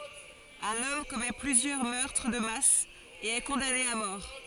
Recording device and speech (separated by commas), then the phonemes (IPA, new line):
forehead accelerometer, read sentence
œ̃n ɔm kɔmɛ plyzjœʁ mœʁtʁ də mas e ɛ kɔ̃dane a mɔʁ